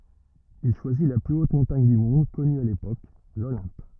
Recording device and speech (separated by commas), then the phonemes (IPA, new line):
rigid in-ear microphone, read sentence
il ʃwazi la ply ot mɔ̃taɲ dy mɔ̃d kɔny a lepok lolɛ̃p